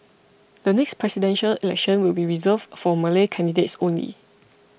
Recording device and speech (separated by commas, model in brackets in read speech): boundary microphone (BM630), read sentence